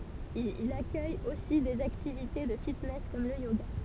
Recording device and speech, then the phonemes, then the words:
temple vibration pickup, read sentence
il akœj osi dez aktivite də fitnɛs kɔm lə joɡa
Il accueille aussi des activités de fitness comme le yoga.

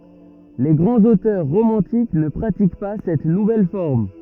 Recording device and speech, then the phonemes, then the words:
rigid in-ear microphone, read sentence
le ɡʁɑ̃z otœʁ ʁomɑ̃tik nə pʁatik pa sɛt nuvɛl fɔʁm
Les grands auteurs romantiques ne pratiquent pas cette nouvelle forme.

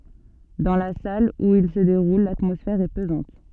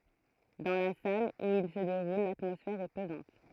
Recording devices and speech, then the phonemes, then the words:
soft in-ear microphone, throat microphone, read sentence
dɑ̃ la sal u il sə deʁul latmɔsfɛʁ ɛ pəzɑ̃t
Dans la salle où il se déroule, l'atmosphère est pesante.

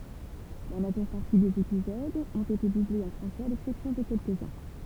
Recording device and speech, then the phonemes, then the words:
temple vibration pickup, read sentence
la maʒœʁ paʁti dez epizodz ɔ̃t ete dublez ɑ̃ fʁɑ̃sɛz a lɛksɛpsjɔ̃ də kɛlkəzœ̃
La majeure partie des épisodes ont été doublés en français à l'exception de quelques-uns.

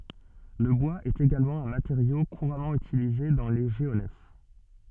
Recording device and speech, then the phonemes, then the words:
soft in-ear microphone, read sentence
lə bwaz ɛt eɡalmɑ̃ œ̃ mateʁjo kuʁamɑ̃ ytilize dɑ̃ le ʒeonɛf
Le bois est également un matériau couramment utilisé dans les géonefs.

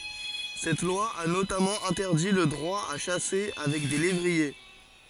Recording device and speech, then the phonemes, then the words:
forehead accelerometer, read sentence
sɛt lwa a notamɑ̃ ɛ̃tɛʁdi lə dʁwa a ʃase avɛk de levʁie
Cette loi a notamment interdit le droit à chasser avec des lévriers.

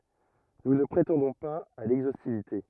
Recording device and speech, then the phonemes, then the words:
rigid in-ear microphone, read sentence
nu nə pʁetɑ̃dɔ̃ paz a lɛɡzostivite
Nous ne prétendons pas à l'exhaustivité.

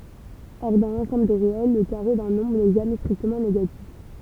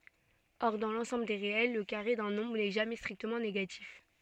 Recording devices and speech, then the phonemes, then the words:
temple vibration pickup, soft in-ear microphone, read sentence
ɔʁ dɑ̃ lɑ̃sɑ̃bl de ʁeɛl lə kaʁe dœ̃ nɔ̃bʁ nɛ ʒamɛ stʁiktəmɑ̃ neɡatif
Or, dans l'ensemble des réels, le carré d'un nombre n'est jamais strictement négatif.

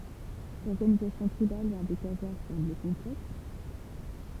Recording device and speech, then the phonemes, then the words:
temple vibration pickup, read sentence
lɔʁɡanizasjɔ̃ tʁibal de kazaʁ sɑ̃bl kɔ̃plɛks
L'organisation tribale des Khazars semble complexe.

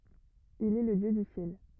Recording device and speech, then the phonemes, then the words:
rigid in-ear microphone, read sentence
il ɛ lə djø dy sjɛl
Il est le dieu du Ciel.

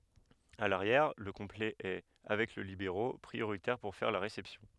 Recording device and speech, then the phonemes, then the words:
headset microphone, read sentence
a laʁjɛʁ lə kɔ̃plɛ ɛ avɛk lə libeʁo pʁioʁitɛʁ puʁ fɛʁ la ʁesɛpsjɔ̃
À l'arrière, le complet est, avec le libéro, prioritaire pour faire la réception.

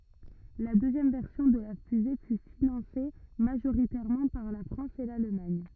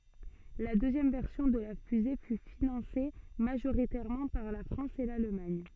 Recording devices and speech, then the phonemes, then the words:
rigid in-ear microphone, soft in-ear microphone, read sentence
la døzjɛm vɛʁsjɔ̃ də la fyze fy finɑ̃se maʒoʁitɛʁmɑ̃ paʁ la fʁɑ̃s e lalmaɲ
La deuxième version de la fusée fut financée majoritairement par la France et l'Allemagne.

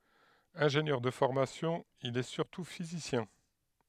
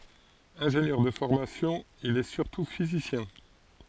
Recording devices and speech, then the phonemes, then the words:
headset microphone, forehead accelerometer, read sentence
ɛ̃ʒenjœʁ də fɔʁmasjɔ̃ il ɛ syʁtu fizisjɛ̃
Ingénieur de formation, il est surtout physicien.

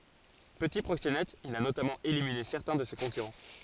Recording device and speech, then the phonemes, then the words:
forehead accelerometer, read sentence
pəti pʁoksenɛt il a notamɑ̃ elimine sɛʁtɛ̃ də se kɔ̃kyʁɑ̃
Petit proxénète, il a notamment éliminé certains de ses concurrents.

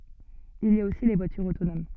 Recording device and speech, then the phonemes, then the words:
soft in-ear microphone, read sentence
il i a osi le vwatyʁz otonom
Il y a aussi les voitures autonomes.

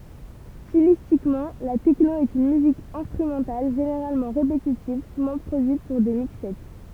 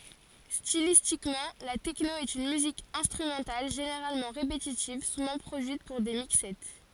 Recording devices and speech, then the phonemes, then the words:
temple vibration pickup, forehead accelerometer, read sentence
stilistikmɑ̃ la tɛkno ɛt yn myzik ɛ̃stʁymɑ̃tal ʒeneʁalmɑ̃ ʁepetitiv suvɑ̃ pʁodyit puʁ de mikssɛ
Stylistiquement, la techno est une musique instrumentale généralement répétitive, souvent produite pour des mixsets.

